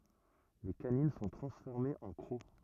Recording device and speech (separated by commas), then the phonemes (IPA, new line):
rigid in-ear microphone, read sentence
le kanin sɔ̃ tʁɑ̃sfɔʁmez ɑ̃ kʁo